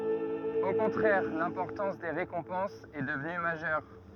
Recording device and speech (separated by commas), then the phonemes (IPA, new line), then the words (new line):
rigid in-ear microphone, read sentence
o kɔ̃tʁɛʁ lɛ̃pɔʁtɑ̃s de ʁekɔ̃pɑ̃sz ɛ dəvny maʒœʁ
Au contraire, l'importance des récompenses est devenue majeure.